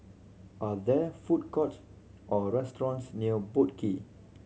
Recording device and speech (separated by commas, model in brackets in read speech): mobile phone (Samsung C7100), read sentence